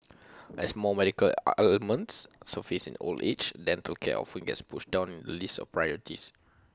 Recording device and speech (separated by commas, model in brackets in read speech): close-talking microphone (WH20), read sentence